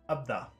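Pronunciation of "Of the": In 'of the', both words are short.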